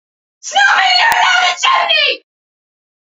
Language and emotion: English, fearful